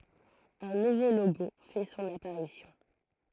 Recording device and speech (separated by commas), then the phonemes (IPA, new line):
throat microphone, read sentence
œ̃ nuvo loɡo fɛ sɔ̃n apaʁisjɔ̃